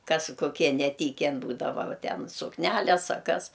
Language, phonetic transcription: Lithuanian, ˈkas koˈkie neˈtyken ˈbūdava ˈva ˈten sukˈnæles a ˈkas

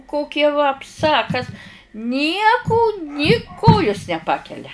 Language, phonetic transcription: Lithuanian, ˈkokia vapˈsa a ˈkas ˈnieku ni ˈkojus neˈpakelia

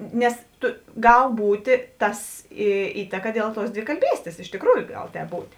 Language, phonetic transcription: Lithuanian, ˈnes ˈtu ˈgal ˈbūtė ˈtas į ˈįtaka ˈdėl ˌtuos dvikalˈbystės iš tikˈrųju ˈgal ˈtēp ˈbūt'

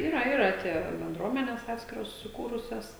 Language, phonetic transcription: Lithuanian, ˈyra ˈyra ˈtie benˈdruomenes ˈatskiros suˈkūrusias

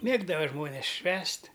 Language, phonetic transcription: Lithuanian, ˈmėgdava ˈžmonės ˈšvęst'

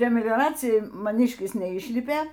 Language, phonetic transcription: Lithuanian, prie migˈracijan maˈnyškis neˈyšlipė

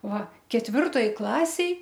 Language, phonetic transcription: Lithuanian, ˈva ketˈvirtoj ˈklasėj

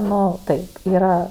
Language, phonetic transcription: Lithuanian, ˈnu ˈtai ˈyra

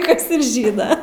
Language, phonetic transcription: Lithuanian, ˈkas ir ˈžyna

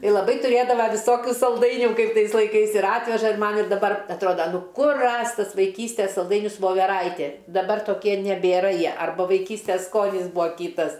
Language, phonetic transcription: Lithuanian, i laˈbai tuˈrėdava viˈsokiu salˈdainių ˈkaip ˈtais laiˈkais ir ˈatveža ir ˈman ir daˈbar atˈroda ˈnu ˈkur ˈrast' ˈtas vaiˈkystės salˈdainius voveˈraitė daˈbar toˈkie nebėˈra ˈjie arˈbu vaiˈkystes ˈskonis ˈbūa ˈkytas

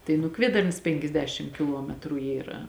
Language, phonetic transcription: Lithuanian, tai nu ˈkviedarnas penkiasˈdešim kiˈluometru ˈyra

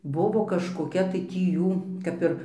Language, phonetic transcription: Lithuanian, ˈbuvo kažkoˈkia tai ˈtį ˈjų kap ˈir

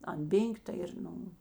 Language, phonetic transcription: Lithuanian, an ˈbėn'k' ta ir ˈnu

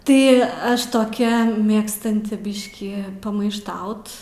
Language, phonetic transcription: Lithuanian, ˈtai ˈaš toˈkia ˈmėgstanti ˈbiškį pamaišˈtaut

